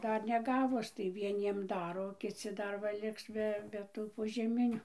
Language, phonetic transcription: Lithuanian, ˈdar neˈgavus tai vieˈniem ˈdaro o kiˈci ˈdar va ˈliks be be ˈtų požeˈminiu

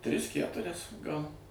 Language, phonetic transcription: Lithuanian, ˈtris ˈkæturias ˈgal

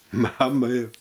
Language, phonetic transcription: Lithuanian, ˈmamai

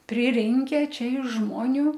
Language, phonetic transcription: Lithuanian, priˈrinke ˈčia iš ˈžmoniu

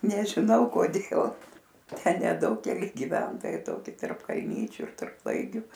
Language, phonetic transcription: Lithuanian, nežiˈnau koˈdėl ˈten neˈdaug keˈli giˈventojai ˈtoki tarp kalˈnyčiu ir tarp ˈlaigiu

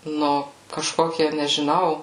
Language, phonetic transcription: Lithuanian, ˈnu kaˈžkokie nežiˈnau

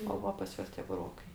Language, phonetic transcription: Lithuanian, o ˈva pas ˈjuos tie buˈrokai

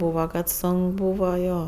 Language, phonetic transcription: Lithuanian, ˈbūva kad ˈsonk ˈbūva ˈjo

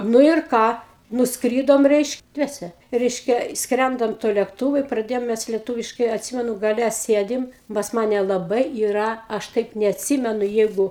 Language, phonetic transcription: Lithuanian, ˈnu ir ˈką nusˈkrydome ˈreišk ˈdviese ˈreiškia ˈskrendam tuo lėkˈtūvu i praˈdėjom mes lieˈtūviškai atˈsimenu gaˈle ˈsėdim pas ˈmane laˈbai yˈra ˈaš ˈtaip neatˈsymenu ˈjeigu

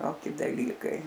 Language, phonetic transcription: Lithuanian, ˈtoki daˈlykai

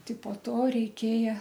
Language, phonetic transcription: Lithuanian, ˈti po ˈto reiˈkėja

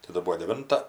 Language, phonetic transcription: Lithuanian, taˈda ˈbuo deˈvinta

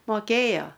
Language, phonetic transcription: Lithuanian, moˈkėjo

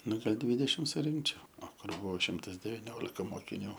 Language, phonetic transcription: Lithuanian, ˈnu gal' ˈdvidešim suˈrinkčiau o ˈkur ˈbuvo ˈšimtas deviˈniolika mokiˈnių

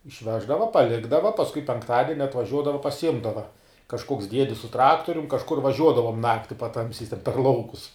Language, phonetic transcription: Lithuanian, išˈveždava paˈlikdava pasˈkui penkˈtadeni atvaˈžiuodava pasiˈjimdava kažˈkoks ˈdiedis su ˈtraktorium kažˈkur vaˈžiuodavom ˈnakti paˈtamsiais ten per ˈlaukus

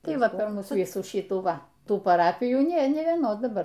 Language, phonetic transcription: Lithuanian, ˈtai ˈva per ˈmūs ˈvysų ˈšytų ˈva ˈtų paˈrapijų ˈnė ˈnė vieˈnos daˈbar

